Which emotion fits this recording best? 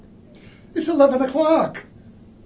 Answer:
fearful